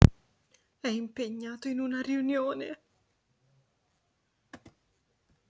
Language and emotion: Italian, fearful